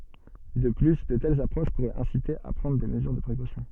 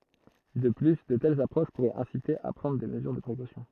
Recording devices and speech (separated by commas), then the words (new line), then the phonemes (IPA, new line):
soft in-ear microphone, throat microphone, read sentence
De plus, de telles approches pourraient inciter à prendre des mesures de précaution.
də ply də tɛlz apʁoʃ puʁɛt ɛ̃site a pʁɑ̃dʁ de məzyʁ də pʁekosjɔ̃